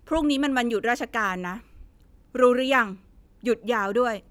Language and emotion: Thai, frustrated